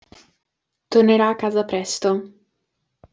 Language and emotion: Italian, neutral